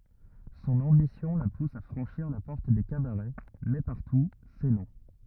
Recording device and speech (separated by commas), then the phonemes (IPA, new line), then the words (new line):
rigid in-ear microphone, read sentence
sɔ̃n ɑ̃bisjɔ̃ la pus a fʁɑ̃ʃiʁ la pɔʁt de kabaʁɛ mɛ paʁtu sɛ nɔ̃
Son ambition la pousse à franchir la porte des cabarets, mais partout, c’est non.